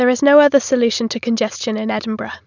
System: none